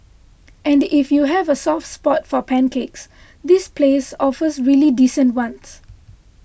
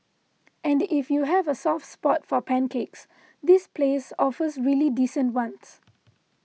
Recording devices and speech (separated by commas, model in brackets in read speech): boundary microphone (BM630), mobile phone (iPhone 6), read sentence